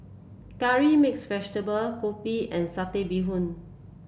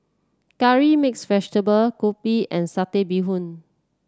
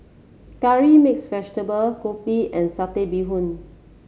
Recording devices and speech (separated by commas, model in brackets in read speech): boundary microphone (BM630), standing microphone (AKG C214), mobile phone (Samsung C7), read sentence